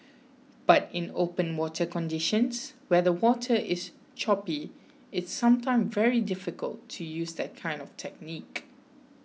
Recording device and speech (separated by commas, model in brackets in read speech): mobile phone (iPhone 6), read sentence